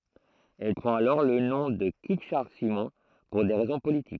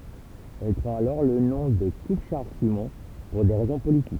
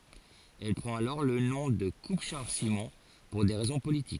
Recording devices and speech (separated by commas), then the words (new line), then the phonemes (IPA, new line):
throat microphone, temple vibration pickup, forehead accelerometer, read sentence
Elle prend alors le nom de Coupe Charles Simon, pour des raisons politiques.
ɛl pʁɑ̃t alɔʁ lə nɔ̃ də kup ʃaʁl simɔ̃ puʁ de ʁɛzɔ̃ politik